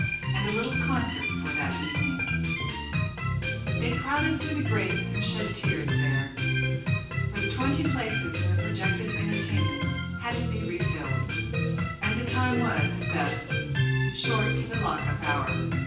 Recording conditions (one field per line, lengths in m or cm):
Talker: one person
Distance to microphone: 9.8 m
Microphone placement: far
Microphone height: 1.8 m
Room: large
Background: music